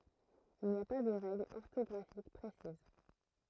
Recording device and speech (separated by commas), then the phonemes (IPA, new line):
throat microphone, read sentence
il ni a pa də ʁɛɡlz ɔʁtɔɡʁafik pʁesiz